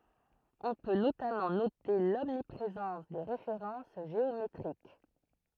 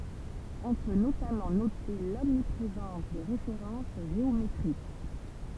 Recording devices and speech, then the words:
throat microphone, temple vibration pickup, read sentence
On peut notamment noter l'omniprésence des références géométriques.

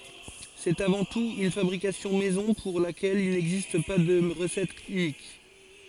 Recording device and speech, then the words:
forehead accelerometer, read sentence
C'est avant tout une fabrication maison pour laquelle il n’existe pas de recette unique.

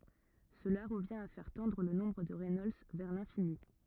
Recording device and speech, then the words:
rigid in-ear microphone, read sentence
Cela revient à faire tendre le nombre de Reynolds vers l'infini.

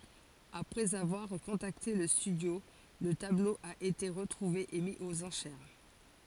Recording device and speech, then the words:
forehead accelerometer, read sentence
Après avoir contacté le studio, le tableau a été retrouvé et mis aux enchères.

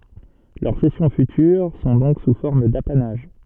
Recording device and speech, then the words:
soft in-ear microphone, read sentence
Leurs cessions futures sont donc sous forme d'apanage.

